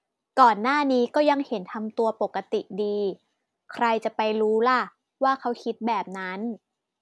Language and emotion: Thai, neutral